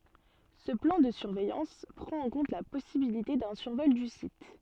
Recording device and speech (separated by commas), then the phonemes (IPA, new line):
soft in-ear microphone, read sentence
sə plɑ̃ də syʁvɛjɑ̃s pʁɑ̃t ɑ̃ kɔ̃t la pɔsibilite dœ̃ syʁvɔl dy sit